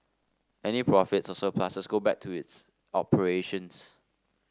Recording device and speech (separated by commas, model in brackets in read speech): standing microphone (AKG C214), read sentence